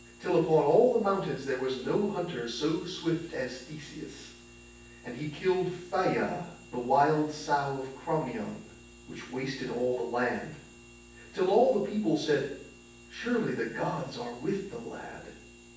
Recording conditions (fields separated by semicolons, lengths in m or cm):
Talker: one person; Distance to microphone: 9.8 m; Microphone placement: far; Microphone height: 1.8 m; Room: large; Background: none